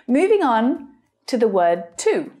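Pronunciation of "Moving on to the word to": In 'moving on to the word', 'to' is unstressed.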